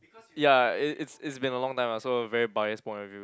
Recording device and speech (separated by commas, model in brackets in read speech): close-talking microphone, conversation in the same room